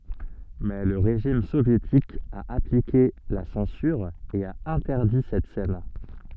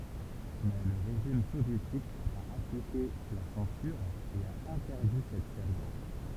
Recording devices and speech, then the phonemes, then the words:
soft in-ear microphone, temple vibration pickup, read sentence
mɛ lə ʁeʒim sovjetik a aplike la sɑ̃syʁ e a ɛ̃tɛʁdi sɛt sɛn
Mais le régime soviétique a appliqué la censure et a interdit cette scène.

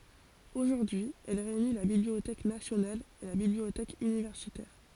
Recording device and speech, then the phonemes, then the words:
forehead accelerometer, read sentence
oʒuʁdyi ɛl ʁeyni la bibliotɛk nasjonal e la bibliotɛk ynivɛʁsitɛʁ
Aujourd'hui, elle réunit la bibliothèque nationale et la bibliothèque universitaire.

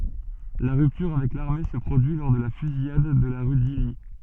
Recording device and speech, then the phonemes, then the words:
soft in-ear microphone, read sentence
la ʁyptyʁ avɛk laʁme sə pʁodyi lɔʁ də la fyzijad də la ʁy disli
La rupture avec l'armée se produit lors de la Fusillade de la rue d'Isly.

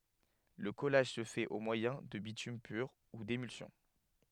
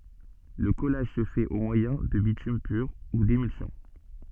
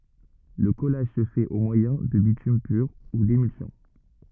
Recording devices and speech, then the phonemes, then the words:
headset microphone, soft in-ear microphone, rigid in-ear microphone, read sentence
lə kɔlaʒ sə fɛt o mwajɛ̃ də bitym pyʁ u demylsjɔ̃
Le collage se fait au moyen de bitume pur ou d'émulsion.

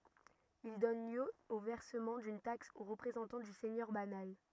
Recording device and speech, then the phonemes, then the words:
rigid in-ear microphone, read sentence
il dɔn ljø o vɛʁsəmɑ̃ dyn taks o ʁəpʁezɑ̃tɑ̃ dy sɛɲœʁ banal
Il donne lieu au versement d'une taxe au représentant du seigneur banal.

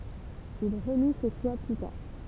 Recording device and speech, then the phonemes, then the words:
temple vibration pickup, read sentence
il ʁəni sə ʃwa ply taʁ
Il renie ce choix plus tard.

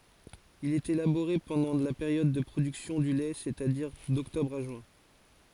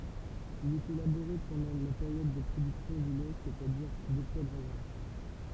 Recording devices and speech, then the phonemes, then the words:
forehead accelerometer, temple vibration pickup, read sentence
il ɛt elaboʁe pɑ̃dɑ̃ la peʁjɔd də pʁodyksjɔ̃ dy lɛ sɛstadiʁ dɔktɔbʁ a ʒyɛ̃
Il est élaboré pendant la période de production du lait c'est-à-dire d'octobre à juin.

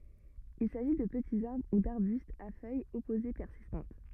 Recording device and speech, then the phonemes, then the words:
rigid in-ear microphone, read sentence
il saʒi də pətiz aʁbʁ u daʁbystz a fœjz ɔpoze pɛʁsistɑ̃t
Il s'agit de petits arbres ou d'arbustes à feuilles opposées persistantes.

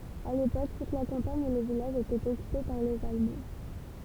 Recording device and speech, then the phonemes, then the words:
temple vibration pickup, read sentence
a lepok tut la kɑ̃paɲ e le vilaʒz etɛt ɔkype paʁ lez almɑ̃
À l'époque, toute la campagne et les villages étaient occupés par les Allemands.

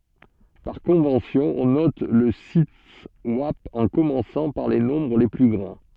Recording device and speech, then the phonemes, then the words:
soft in-ear microphone, read sentence
paʁ kɔ̃vɑ̃sjɔ̃ ɔ̃ nɔt lə sitɛswap ɑ̃ kɔmɑ̃sɑ̃ paʁ le nɔ̃bʁ le ply ɡʁɑ̃
Par convention, on note le siteswap en commençant par les nombres les plus grands.

